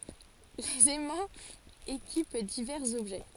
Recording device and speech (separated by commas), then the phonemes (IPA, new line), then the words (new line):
forehead accelerometer, read sentence
lez ɛmɑ̃z ekip divɛʁz ɔbʒɛ
Les aimants équipent divers objets.